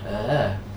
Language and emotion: Thai, happy